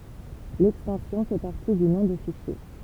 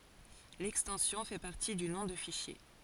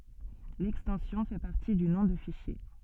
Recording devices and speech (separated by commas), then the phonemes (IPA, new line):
temple vibration pickup, forehead accelerometer, soft in-ear microphone, read sentence
lɛkstɑ̃sjɔ̃ fɛ paʁti dy nɔ̃ də fiʃje